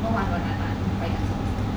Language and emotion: Thai, sad